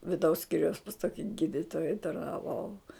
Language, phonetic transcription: Lithuanian, viˈdaus ˈskyriaus pas ˈtoki ˈgyditoja tarnaˈvau

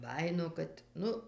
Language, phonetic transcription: Lithuanian, ˈbajino ˈkad ˈnu

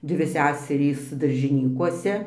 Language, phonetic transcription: Lithuanian, ˈdvi ˈseserys daržiˈnykuose

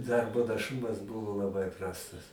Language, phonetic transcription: Lithuanian, ˈdarbo naˈšumas ˈbuvo laˈbai ˈprastas

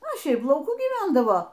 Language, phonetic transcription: Lithuanian, o ˈšiaip lauˈkų gyˈvendavo

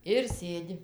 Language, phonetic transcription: Lithuanian, ir ˈsėdi

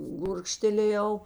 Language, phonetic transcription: Lithuanian, ˈgurkštelėjau

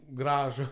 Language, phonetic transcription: Lithuanian, ˈgražu

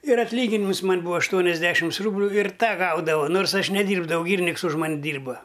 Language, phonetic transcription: Lithuanian, ir atlˈyginimus ˈman' ˈbūva ašˈtuoniasˌdešims ˈrūbliu ir ˈtą ˈgaudavau ˈnors ˈaš neˈdyrbdavau ˈgyriniks už ˈman' ˈdyrba

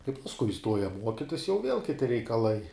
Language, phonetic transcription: Lithuanian, kai pasˈkui iˈstuoja ˈmuokitis jau viel kiˈti reikaˈlai

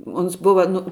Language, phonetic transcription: Lithuanian, ˈons ˈbuva nu

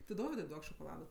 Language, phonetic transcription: Lithuanian, ti ˈdovidui ˈduok šokoˈlada

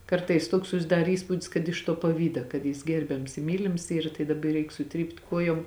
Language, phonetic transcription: Lithuanian, ˈkartais ˈtuoks susiˈdar ˈįspūdis kad iš tuo paˈvyda kad ˈjis ˈgerbiams i ˈmylims ˈyra tai daˈba jį ˈreik suˈtrypt ˈkuojom

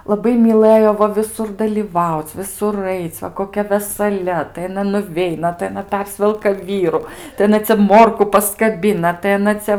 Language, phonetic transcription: Lithuanian, laˈbai myˈlɘjo ˈva viˈsur dalyˈvauc viˈsur ˈaic va koˈkia vesaˈlia tai aˈna nuˈveina tai aˈna ˈpersvelka ˈvyru tai aˈna cia ˈmorku paskaˈbina tai aˈna cia

